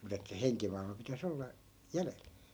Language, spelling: Finnish, mutta että henkimaailma pitäisi olla jäljellä
- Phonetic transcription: mut ‿että "heŋkimailma pitä's ‿olla , 'jälel .

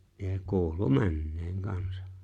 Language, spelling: Finnish, ja kuului menneen kanssa
- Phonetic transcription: ja 'ku̬ulu "männeeŋ 'kansa .

